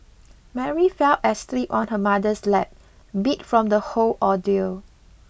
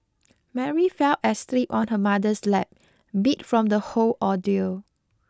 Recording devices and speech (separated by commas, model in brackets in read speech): boundary microphone (BM630), close-talking microphone (WH20), read sentence